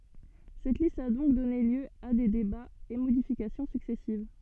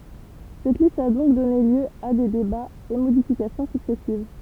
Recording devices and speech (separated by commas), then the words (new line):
soft in-ear microphone, temple vibration pickup, read sentence
Cette liste a donc donné lieu a des débats et modifications successives.